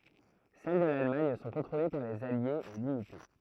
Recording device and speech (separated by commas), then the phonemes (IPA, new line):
throat microphone, read sentence
sɛl də lalmaɲ sɔ̃ kɔ̃tʁole paʁ lez aljez e limite